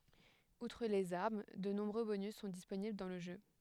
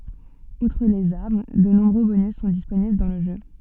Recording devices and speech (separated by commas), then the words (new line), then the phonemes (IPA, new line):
headset microphone, soft in-ear microphone, read sentence
Outre les armes, de nombreux bonus sont disponibles dans le jeu.
utʁ lez aʁm də nɔ̃bʁø bonys sɔ̃ disponibl dɑ̃ lə ʒø